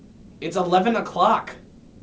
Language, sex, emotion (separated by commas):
English, male, angry